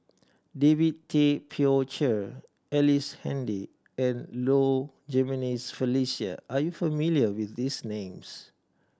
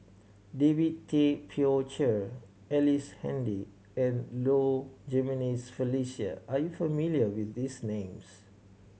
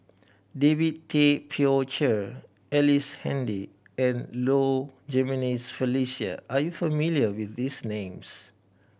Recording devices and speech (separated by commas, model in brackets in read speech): standing microphone (AKG C214), mobile phone (Samsung C7100), boundary microphone (BM630), read sentence